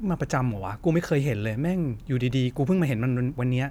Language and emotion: Thai, frustrated